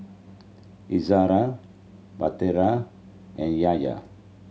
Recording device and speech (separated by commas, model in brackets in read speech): mobile phone (Samsung C7100), read sentence